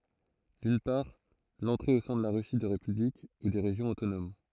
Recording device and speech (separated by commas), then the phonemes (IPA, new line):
throat microphone, read sentence
dyn paʁ lɑ̃tʁe o sɛ̃ də la ʁysi də ʁepyblik u de ʁeʒjɔ̃z otonom